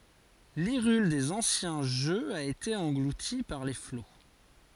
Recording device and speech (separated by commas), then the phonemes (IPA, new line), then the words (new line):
forehead accelerometer, read sentence
liʁyl dez ɑ̃sjɛ̃ ʒøz a ete ɑ̃ɡluti paʁ le flo
L’Hyrule des anciens jeux a été engloutie par les flots.